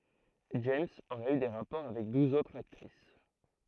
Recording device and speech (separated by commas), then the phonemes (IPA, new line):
throat microphone, read sentence
dʒɛmz oʁɛt y de ʁapɔʁ avɛk duz otʁz aktʁis